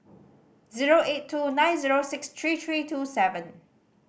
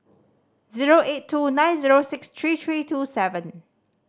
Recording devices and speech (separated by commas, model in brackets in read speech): boundary microphone (BM630), standing microphone (AKG C214), read sentence